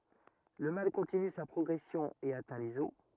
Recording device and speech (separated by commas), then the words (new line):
rigid in-ear microphone, read sentence
Le mal continue sa progression et atteint les os.